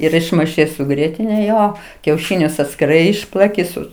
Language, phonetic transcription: Lithuanian, ir išmaiˈšai su ˈgrietine ˈjo kiauˈšinius atskiˈrai ˈišplaki ˈsu

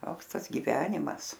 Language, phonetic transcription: Lithuanian, ˈtoks ˈtas giˈvenimas

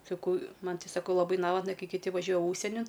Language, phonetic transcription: Lithuanian, saˈkau ˈman ti saˈkau laˈbai ˈnavatna ˈkai kiˈti vaˈžiuoja ˈūžsienin

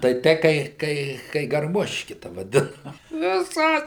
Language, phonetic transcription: Lithuanian, tai ˈtei kai ˈkai kai garˈmoški ta vaˈdina viˈsa

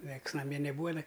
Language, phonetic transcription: Lithuanian, ˈnieks naˈmie neˈbūa jiˈnai

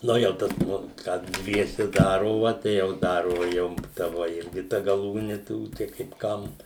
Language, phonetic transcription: Lithuanian, ˈnu jau ˈtas ˈnu ˈką ˈdviese ˈdarova tai jau ˈdarova ˈjau ta ˈvo ˈirgi ˈta gaˈlūni ˈtų tai kaip ˈkam

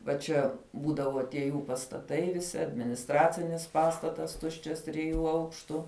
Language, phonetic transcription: Lithuanian, va ˈčia ˈbūdavo tie ˈjų pastaˈtai viˈsi adminisˈtracinis ˈpastatas ˈtuščias triˈjų ˈaukštu

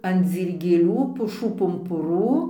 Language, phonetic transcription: Lithuanian, an dzyrgėˈlių puˈšų pumpuˈrų

